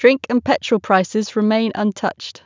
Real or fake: real